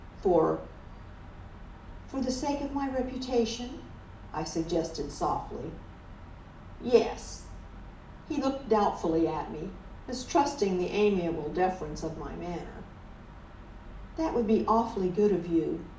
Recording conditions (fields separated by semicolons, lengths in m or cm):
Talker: one person; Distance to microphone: 2.0 m; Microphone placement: close; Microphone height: 99 cm; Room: medium-sized (5.7 m by 4.0 m); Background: none